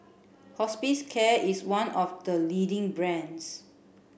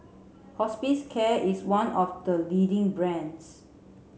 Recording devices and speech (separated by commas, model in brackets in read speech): boundary microphone (BM630), mobile phone (Samsung C7), read sentence